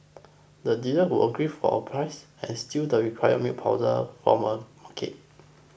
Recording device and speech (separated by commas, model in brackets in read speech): boundary microphone (BM630), read sentence